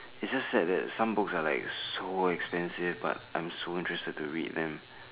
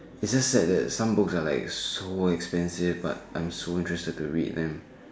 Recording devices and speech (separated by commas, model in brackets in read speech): telephone, standing microphone, conversation in separate rooms